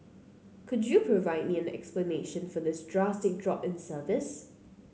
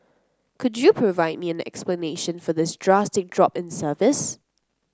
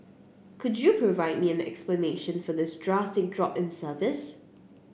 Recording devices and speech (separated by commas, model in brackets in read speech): mobile phone (Samsung C9), close-talking microphone (WH30), boundary microphone (BM630), read sentence